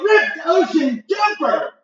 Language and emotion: English, happy